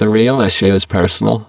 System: VC, spectral filtering